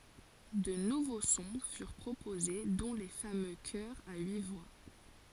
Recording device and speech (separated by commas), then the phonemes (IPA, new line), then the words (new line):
forehead accelerometer, read sentence
də nuvo sɔ̃ fyʁ pʁopoze dɔ̃ le famø kœʁz a yi vwa
De nouveaux sons furent proposés, dont les fameux chœurs à huit voix.